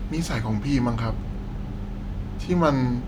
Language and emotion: Thai, frustrated